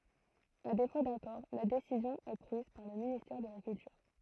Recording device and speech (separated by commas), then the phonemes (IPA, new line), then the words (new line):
throat microphone, read sentence
a defo dakɔʁ la desizjɔ̃ ɛ pʁiz paʁ lə ministɛʁ də la kyltyʁ
À défaut d'accord, la décision est prise par le ministère de la Culture.